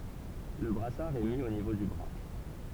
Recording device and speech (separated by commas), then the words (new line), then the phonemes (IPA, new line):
temple vibration pickup, read sentence
Le brassard est mis au niveau du bras.
lə bʁasaʁ ɛ mi o nivo dy bʁa